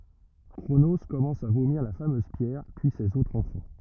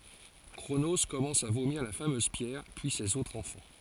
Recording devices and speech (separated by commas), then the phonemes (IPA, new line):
rigid in-ear microphone, forehead accelerometer, read sentence
kʁono kɔmɑ̃s a vomiʁ la famøz pjɛʁ pyi sez otʁz ɑ̃fɑ̃